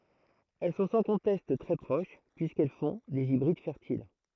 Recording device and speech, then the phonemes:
throat microphone, read sentence
ɛl sɔ̃ sɑ̃ kɔ̃tɛst tʁɛ pʁoʃ pyiskɛl fɔ̃ dez ibʁid fɛʁtil

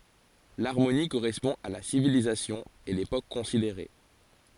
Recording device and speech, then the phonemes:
forehead accelerometer, read sentence
laʁmoni koʁɛspɔ̃ a la sivilizasjɔ̃ e lepok kɔ̃sideʁe

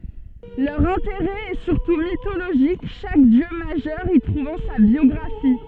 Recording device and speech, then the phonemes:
soft in-ear microphone, read sentence
lœʁ ɛ̃teʁɛ ɛ syʁtu mitoloʒik ʃak djø maʒœʁ i tʁuvɑ̃ sa bjɔɡʁafi

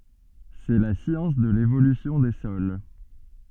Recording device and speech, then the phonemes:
soft in-ear microphone, read sentence
sɛ la sjɑ̃s də levolysjɔ̃ de sɔl

